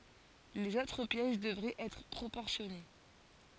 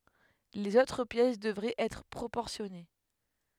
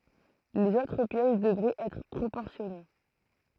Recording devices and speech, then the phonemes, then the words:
forehead accelerometer, headset microphone, throat microphone, read sentence
lez otʁ pjɛs dəvʁɛt ɛtʁ pʁopɔʁsjɔne
Les autres pièces devraient être proportionnées.

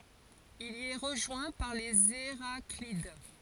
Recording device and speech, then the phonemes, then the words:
forehead accelerometer, read sentence
il i ɛ ʁəʒwɛ̃ paʁ lez eʁaklid
Il y est rejoint par les Héraclides.

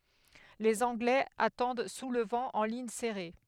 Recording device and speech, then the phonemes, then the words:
headset microphone, read sentence
lez ɑ̃ɡlɛz atɑ̃d su lə vɑ̃ ɑ̃ liɲ sɛʁe
Les Anglais attendent sous le vent, en ligne serrée.

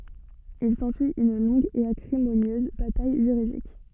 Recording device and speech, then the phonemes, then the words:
soft in-ear microphone, read sentence
il sɑ̃syi yn lɔ̃ɡ e akʁimonjøz bataj ʒyʁidik
Il s'ensuit une longue et acrimonieuse bataille juridique.

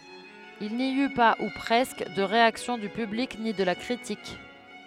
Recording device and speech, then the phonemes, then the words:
headset microphone, read sentence
il ni y pa u pʁɛskə də ʁeaksjɔ̃ dy pyblik ni də la kʁitik
Il n'y eut pas, ou presque, de réaction du public ni de la critique.

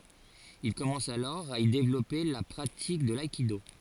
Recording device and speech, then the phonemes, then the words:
forehead accelerometer, read sentence
il kɔmɑ̃s alɔʁ a i devlɔpe la pʁatik də laikido
Il commence alors à y développer la pratique de l'aïkido.

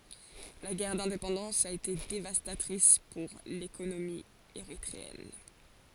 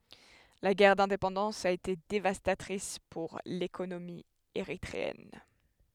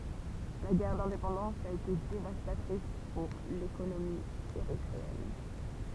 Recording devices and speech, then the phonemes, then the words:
forehead accelerometer, headset microphone, temple vibration pickup, read sentence
la ɡɛʁ dɛ̃depɑ̃dɑ̃s a ete devastatʁis puʁ lekonomi eʁitʁeɛn
La guerre d'indépendance a été dévastatrice pour l'économie érythréenne.

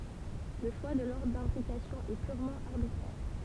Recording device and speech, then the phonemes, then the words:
temple vibration pickup, read sentence
lə ʃwa də lɔʁdʁ dɛ̃bʁikasjɔ̃ ɛ pyʁmɑ̃ aʁbitʁɛʁ
Le choix de l'ordre d'imbrication est purement arbitraire.

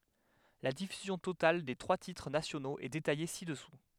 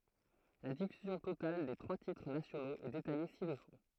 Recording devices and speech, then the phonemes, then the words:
headset microphone, throat microphone, read sentence
la difyzjɔ̃ total de tʁwa titʁ nasjonoz ɛ detaje sidɛsu
La diffusion totale des trois titres nationaux est détaillée ci-dessous.

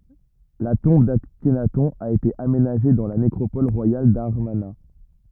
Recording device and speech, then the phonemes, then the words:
rigid in-ear microphone, read sentence
la tɔ̃b daknatɔ̃ a ete amenaʒe dɑ̃ la nekʁopɔl ʁwajal damaʁna
La tombe d'Akhenaton a été aménagée dans la nécropole royale d'Amarna.

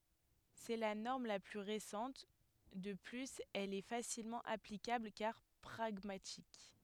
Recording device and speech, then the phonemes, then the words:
headset microphone, read sentence
sɛ la nɔʁm la ply ʁesɑ̃t də plyz ɛl ɛ fasilmɑ̃ aplikabl kaʁ pʁaɡmatik
C’est la norme la plus récente, de plus elle est facilement applicable car pragmatique.

